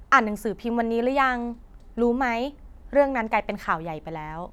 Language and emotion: Thai, neutral